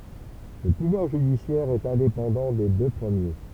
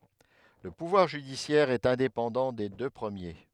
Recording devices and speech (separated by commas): temple vibration pickup, headset microphone, read sentence